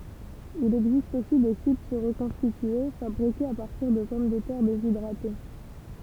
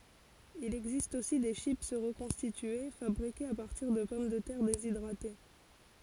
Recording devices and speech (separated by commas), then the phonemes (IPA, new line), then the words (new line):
temple vibration pickup, forehead accelerometer, read sentence
il ɛɡzist osi de ʃip ʁəkɔ̃stitye fabʁikez a paʁtiʁ də pɔm də tɛʁ dezidʁate
Il existe aussi des chips reconstituées, fabriquées à partir de pommes de terre déshydratées.